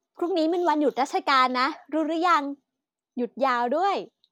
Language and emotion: Thai, happy